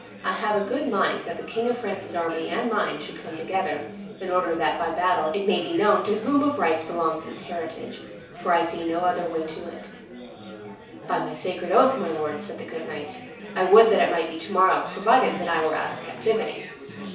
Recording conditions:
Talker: one person; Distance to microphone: 3.0 m; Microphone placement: far; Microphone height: 1.8 m; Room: small (3.7 m by 2.7 m); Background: babble

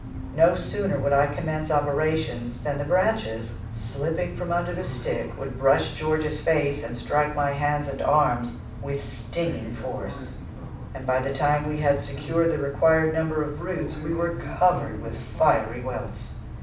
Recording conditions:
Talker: one person; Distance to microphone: 5.8 m; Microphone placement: far; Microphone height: 1.8 m; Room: medium-sized (5.7 m by 4.0 m); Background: television

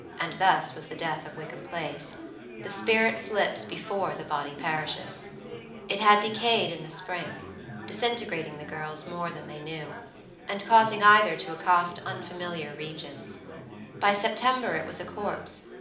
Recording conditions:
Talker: one person; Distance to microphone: 2.0 m; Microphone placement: close; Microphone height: 99 cm; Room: medium-sized (5.7 m by 4.0 m); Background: babble

